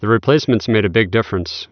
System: none